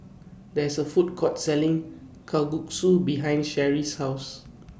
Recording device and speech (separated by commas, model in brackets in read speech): boundary microphone (BM630), read sentence